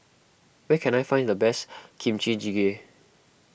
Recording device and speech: boundary microphone (BM630), read sentence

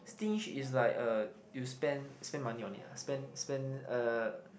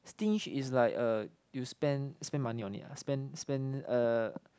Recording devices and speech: boundary microphone, close-talking microphone, conversation in the same room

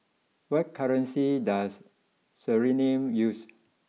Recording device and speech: mobile phone (iPhone 6), read sentence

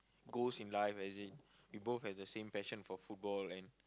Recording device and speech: close-talking microphone, conversation in the same room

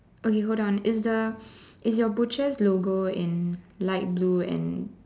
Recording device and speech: standing microphone, conversation in separate rooms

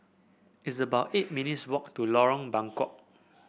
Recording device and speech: boundary microphone (BM630), read sentence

